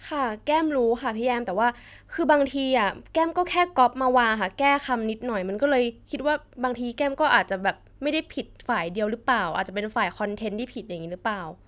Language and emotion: Thai, frustrated